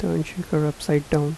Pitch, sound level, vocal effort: 155 Hz, 78 dB SPL, soft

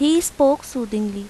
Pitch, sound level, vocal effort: 275 Hz, 84 dB SPL, normal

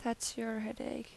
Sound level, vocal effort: 79 dB SPL, soft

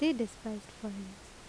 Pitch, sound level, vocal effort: 215 Hz, 77 dB SPL, normal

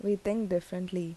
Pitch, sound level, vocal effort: 185 Hz, 80 dB SPL, normal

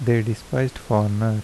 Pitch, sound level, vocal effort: 115 Hz, 78 dB SPL, soft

